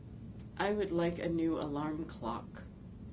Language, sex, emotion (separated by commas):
English, female, neutral